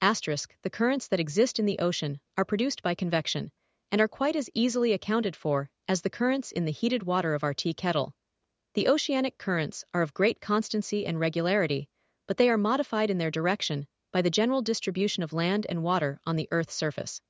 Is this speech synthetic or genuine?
synthetic